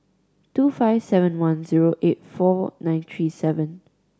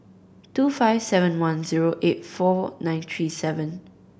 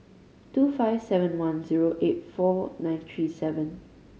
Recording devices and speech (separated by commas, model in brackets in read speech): standing microphone (AKG C214), boundary microphone (BM630), mobile phone (Samsung C5010), read sentence